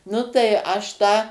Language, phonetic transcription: Lithuanian, ˈnu tai ˈaš tą

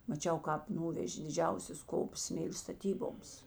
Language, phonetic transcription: Lithuanian, maˈčiau ˈkāp ˈnuvežė diˈdžiausias ˈkops ˈsmėlė staˈtyboms

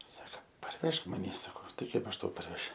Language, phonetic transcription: Lithuanian, ˈsaka parˈvežk maˈny saˈko ˈtai ˈkaip aš ˈtau parˈvešiu

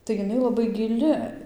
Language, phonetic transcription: Lithuanian, tai jiˈnai laˈbai giˈli

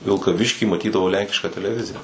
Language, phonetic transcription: Lithuanian, vilkaˈvišky maˈtydavau ˈlenkišką teleˈvizija

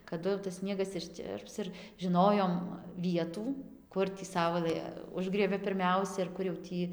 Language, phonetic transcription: Lithuanian, kaˈdu jau tas ˈsniegas išˈčirps ir žiˈnojom ˈvietų ˈkur tį ˈsaulɘ ˈužgriebia pirˈmiausia ir ˈkur jau ˈtį

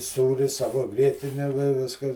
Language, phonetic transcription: Lithuanian, ˈsūri ˈsavo ˈgrietine vi ˈviskas

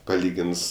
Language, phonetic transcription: Lithuanian, paˈlygins

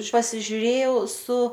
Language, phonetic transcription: Lithuanian, pasižiuˈrėjau su

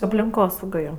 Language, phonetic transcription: Lithuanian, aplinˈkosauga ˈjo

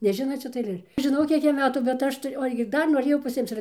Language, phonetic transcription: Lithuanian, neˈžinot ˈšita aiˈlėr žiˈnau ˈkiek ˈjam ˈmetų bet ˈaš tai o ˈaš gi ˈdar noˈrėjau paˈsimc ir

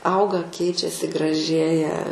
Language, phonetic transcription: Lithuanian, ˈauga ˈkeičiasi graˈžėja

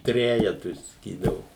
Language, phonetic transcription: Lithuanian, ˈtrejetui saˈkydavu

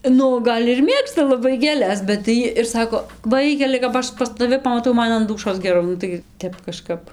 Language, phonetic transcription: Lithuanian, ˈnu ˈgal' ir ˈmėgsta laˈbai gėˈles bet tai ˈjy ir ˈsako ˈvaikeli kap ˈaš pas taˈvi pamaˈtau ˈman an ˈdūšos geˈrau ˈnu tai ˈtep kaˈžkap

